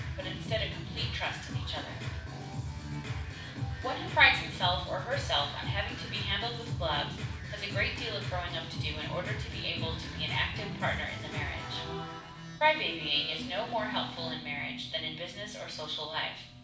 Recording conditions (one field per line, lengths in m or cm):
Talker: one person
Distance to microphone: 5.8 m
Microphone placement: far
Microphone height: 1.8 m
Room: medium-sized (5.7 m by 4.0 m)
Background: music